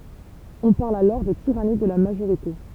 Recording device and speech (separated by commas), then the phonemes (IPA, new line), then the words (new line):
temple vibration pickup, read sentence
ɔ̃ paʁl alɔʁ də tiʁani də la maʒoʁite
On parle alors de tyrannie de la majorité.